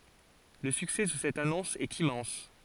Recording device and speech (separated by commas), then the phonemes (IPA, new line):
forehead accelerometer, read sentence
lə syksɛ də sɛt anɔ̃s ɛt immɑ̃s